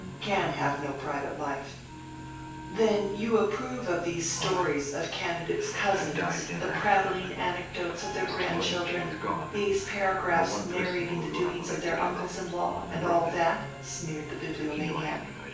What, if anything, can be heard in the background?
A television.